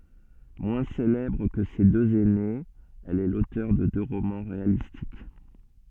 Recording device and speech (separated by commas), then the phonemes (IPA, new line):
soft in-ear microphone, read sentence
mwɛ̃ selɛbʁ kə se døz ɛnez ɛl ɛ lotœʁ də dø ʁomɑ̃ ʁealistik